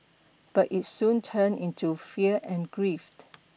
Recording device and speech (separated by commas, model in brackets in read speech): boundary microphone (BM630), read sentence